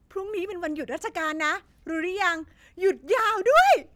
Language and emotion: Thai, happy